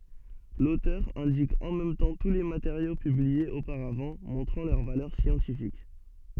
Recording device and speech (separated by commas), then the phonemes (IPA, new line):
soft in-ear microphone, read sentence
lotœʁ ɛ̃dik ɑ̃ mɛm tɑ̃ tu le mateʁjo pybliez opaʁavɑ̃ mɔ̃tʁɑ̃ lœʁ valœʁ sjɑ̃tifik